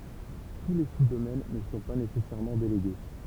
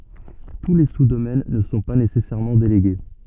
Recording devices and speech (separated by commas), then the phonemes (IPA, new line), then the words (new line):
temple vibration pickup, soft in-ear microphone, read sentence
tu le su domɛn nə sɔ̃ pa nesɛsɛʁmɑ̃ deleɡe
Tous les sous-domaines ne sont pas nécessairement délégués.